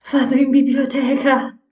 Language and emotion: Italian, fearful